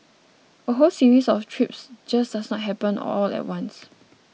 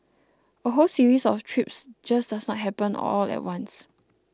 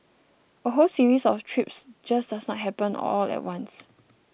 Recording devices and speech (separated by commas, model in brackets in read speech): mobile phone (iPhone 6), close-talking microphone (WH20), boundary microphone (BM630), read sentence